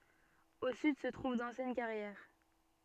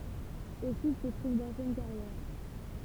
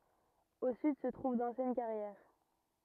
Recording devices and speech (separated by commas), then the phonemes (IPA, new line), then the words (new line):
soft in-ear microphone, temple vibration pickup, rigid in-ear microphone, read sentence
o syd sə tʁuv dɑ̃sjɛn kaʁjɛʁ
Au sud se trouve d'anciennes carrières.